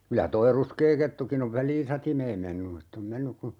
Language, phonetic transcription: Finnish, 'kylä 'toi "ruskee 'kettukin ‿ov "väl̀iin̬ 'satimeem mennu ett ‿om 'mennyk ku , .
- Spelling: kyllä tuo ruskea kettukin on väliin satimeen mennyt että on mennyt kun

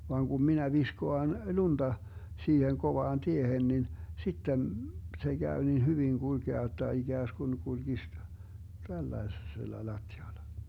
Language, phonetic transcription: Finnish, vaaŋ Gum 'minä 'viskoan 'lunDa , 'siiheŋ 'kovaan "tiehen nin , 'sitten , se 'Gäy nin 'hyviŋ 'GulGea jot̆ta 'iGääsGun 'kulGis , 'tällaesella 'lattiala .
- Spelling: vaan kun minä viskaan lunta siihen kovaan tiehen niin sitten se käy niin hyvin kulkea jotta ikään kuin kulkisi tällaisella lattialla

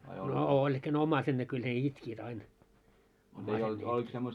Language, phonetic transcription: Finnish, no 'ooĺ ehk ‿ne 'om̆maiset ne kyl ne 'itkiit ain , 'ommaiset ne itkiit .
- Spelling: no oli ehkä ne omaiset ne kyllä ne itkivät aina omaiset ne itkivät

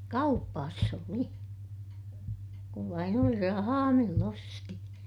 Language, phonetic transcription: Finnish, kau(pas ‿oli) , kuv vain ‿oli rahaa mill ‿osti .
- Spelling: kaupassa oli kun vain oli rahaa millä osti

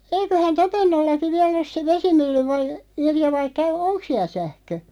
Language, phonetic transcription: Finnish, 'eiköhän "Topennollaki 'viälˡ ‿os se "vesimylly (voi-) , 'Irja vai käy- "oŋk 'siäl 'sähkö ?
- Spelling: eiköhän Topennollakin vielä ole se vesimylly - Irja vai - onko siellä sähkö

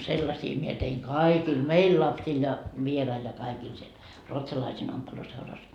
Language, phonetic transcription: Finnish, 'sellasii mie teiŋ "kaikil "meil lapsil ja , 'vierail ja kaikil siel , 'ruotsalaisiin ompeluseuras .
- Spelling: sellaisia minä tein kaikille meidän lapsille ja vieraille ja kaikille siellä ruotsalaisten ompeluseurassa

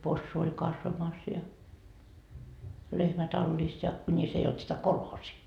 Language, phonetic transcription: Finnish, 'possu oĺ 'kasvamas ja , 'lehmä 'tallis ja , 'kuńis ei olt sitä 'kolhoosii .
- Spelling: possu oli kasvamassa ja lehmä tallissa ja kunis ei ollut sitä kolhoosia

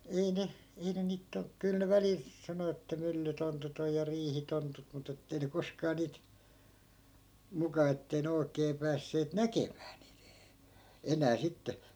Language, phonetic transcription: Finnish, 'ei ne , 'ei ne niit 'ton- , 'kyl ne 'välil , 'sano että 'myllytontut ‿oj ja 'riihitontut 'mut ‿ettei ne 'koskaa niit , 'muka ettei ne 'oi̮kee 'päässeet "näkemää nii- , 'enää 'sitte .
- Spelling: ei ne ei ne niitä - kyllä ne välillä sanoi että myllytontut on ja riihitontut mutta että ei ne koskaan niitä muka että ei ne oikein päässeet näkemään - enää sitten

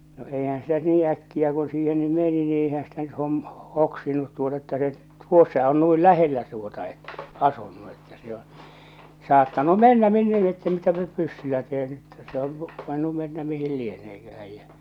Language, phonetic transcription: Finnish, no eihän̬ sitä nyt 'nii 'äkkiä ku siihen ny 'meni ni eihän ‿stä nyt 'hom- , "hoksinut tuota että se 'tuossa on nuil "lähellä tuota ettᴀ̈ , 'asunnu että se oo̰ , 'saattanu 'mennä 'minne lie ‿ttä mitäpä nyt "pyssylä teen ᴇttᴀ̈ , se oŋ ku , 'voinnu mennä 'mihil "lieneekähäj jä .
- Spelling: no eihän sitä nyt niin äkkiä kun siihen nyt meni niin eihän sitä nyt - hoksinut tuota että se tuossa on noin lähellä tuota että asunut että se on saattanut mennä minne lie että mitä nyt pyssyllä teen että se on kun voinut mennä mihin lieneekään ja

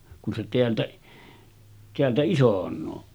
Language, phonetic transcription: Finnish, kun se teältä , teältä 'isoǹoo .
- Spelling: kun se täältä täältä isonee

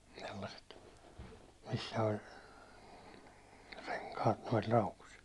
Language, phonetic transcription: Finnish, sellaset , missä oĺ , reŋkaat nois 'laukus ,.
- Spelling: sellaiset missä oli renkaat noissa laukuissa

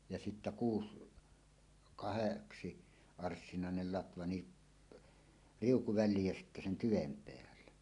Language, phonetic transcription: Finnish, ja sittä "kuus- , "kaheksi- , "-arssinàenel 'latva ni , "riuku 'väl̆liij jä sittä sen 'tyvem 'peälle .
- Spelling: ja sitten kuusi kahdeksan arssinaiselle latva niin riuku väliin ja sitten sen tyven päälle

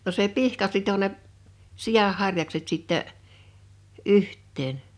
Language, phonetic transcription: Finnish, no se "pihka 'sito ne , 'siʲah 'harjakset 'sittɛ , '’yht̆teen .
- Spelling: no se pihka sitoi ne sian harjakset sitten yhteen

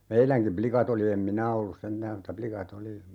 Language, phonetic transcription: Finnish, 'meiläŋkim "plikat ‿oli 'em "minä ollus 'sentääm mutta 'plika"t ‿oli ,.
- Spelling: meidänkin likat oli en minä ollut sentään mutta likat oli

